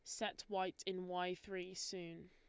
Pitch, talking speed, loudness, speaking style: 185 Hz, 170 wpm, -44 LUFS, Lombard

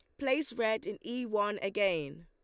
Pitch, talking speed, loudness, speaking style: 210 Hz, 175 wpm, -33 LUFS, Lombard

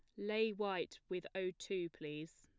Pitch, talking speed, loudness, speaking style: 185 Hz, 165 wpm, -42 LUFS, plain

